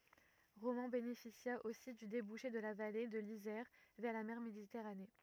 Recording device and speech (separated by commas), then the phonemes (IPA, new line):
rigid in-ear microphone, read sentence
ʁomɑ̃ benefisja osi dy debuʃe də la vale də lizɛʁ vɛʁ la mɛʁ meditɛʁane